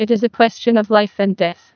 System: TTS, neural waveform model